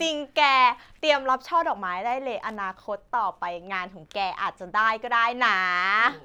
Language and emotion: Thai, happy